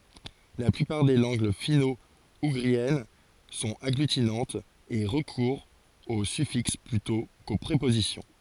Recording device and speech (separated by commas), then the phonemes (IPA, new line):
forehead accelerometer, read sentence
la plypaʁ de lɑ̃ɡ fino uɡʁiɛn sɔ̃t aɡlytinɑ̃tz e ʁəkuʁt o syfiks plytɔ̃ ko pʁepozisjɔ̃